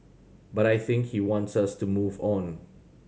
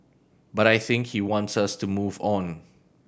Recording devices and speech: mobile phone (Samsung C7100), boundary microphone (BM630), read sentence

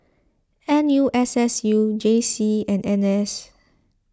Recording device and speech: close-talking microphone (WH20), read sentence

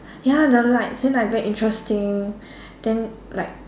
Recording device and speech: standing microphone, conversation in separate rooms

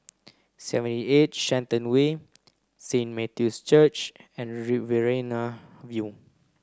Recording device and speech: close-talking microphone (WH30), read sentence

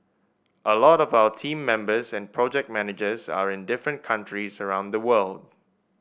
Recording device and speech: boundary microphone (BM630), read sentence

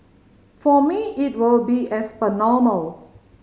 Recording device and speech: mobile phone (Samsung C5010), read sentence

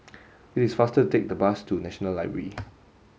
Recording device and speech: mobile phone (Samsung S8), read sentence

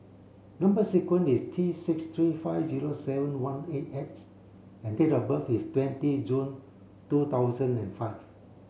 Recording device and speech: mobile phone (Samsung C7), read sentence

